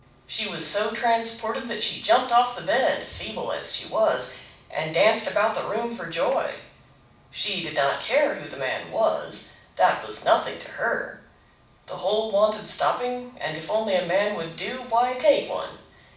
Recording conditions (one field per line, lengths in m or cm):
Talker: one person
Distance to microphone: 5.8 m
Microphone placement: far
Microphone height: 1.8 m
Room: medium-sized (5.7 m by 4.0 m)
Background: none